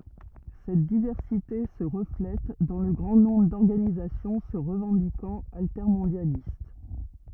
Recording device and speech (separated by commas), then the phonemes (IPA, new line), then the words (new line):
rigid in-ear microphone, read sentence
sɛt divɛʁsite sə ʁəflɛt dɑ̃ lə ɡʁɑ̃ nɔ̃bʁ dɔʁɡanizasjɔ̃ sə ʁəvɑ̃dikɑ̃t altɛʁmɔ̃djalist
Cette diversité se reflète dans le grand nombre d'organisations se revendiquant altermondialistes.